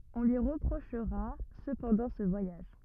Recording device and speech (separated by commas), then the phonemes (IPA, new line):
rigid in-ear microphone, read sentence
ɔ̃ lyi ʁəpʁoʃʁa səpɑ̃dɑ̃ sə vwajaʒ